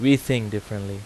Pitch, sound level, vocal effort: 110 Hz, 87 dB SPL, loud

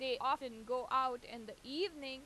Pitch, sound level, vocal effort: 260 Hz, 94 dB SPL, loud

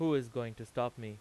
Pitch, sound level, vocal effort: 120 Hz, 92 dB SPL, loud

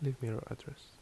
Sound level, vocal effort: 70 dB SPL, soft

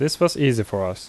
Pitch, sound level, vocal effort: 125 Hz, 81 dB SPL, normal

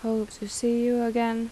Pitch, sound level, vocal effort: 230 Hz, 82 dB SPL, soft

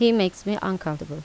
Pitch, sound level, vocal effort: 190 Hz, 83 dB SPL, normal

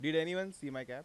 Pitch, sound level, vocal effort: 155 Hz, 93 dB SPL, normal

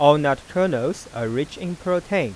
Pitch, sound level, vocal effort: 160 Hz, 93 dB SPL, normal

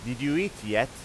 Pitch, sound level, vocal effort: 125 Hz, 94 dB SPL, loud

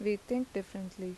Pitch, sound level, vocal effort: 200 Hz, 81 dB SPL, normal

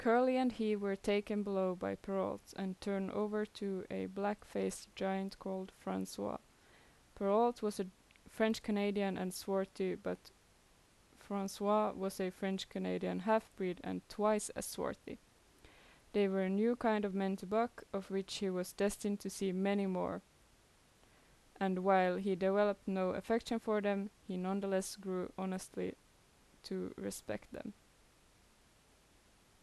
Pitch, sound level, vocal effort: 195 Hz, 81 dB SPL, normal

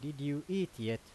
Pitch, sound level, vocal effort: 145 Hz, 87 dB SPL, loud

